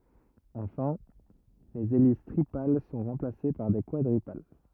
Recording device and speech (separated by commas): rigid in-ear microphone, read sentence